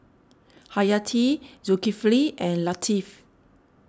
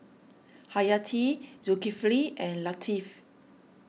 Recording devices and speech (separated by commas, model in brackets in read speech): standing microphone (AKG C214), mobile phone (iPhone 6), read sentence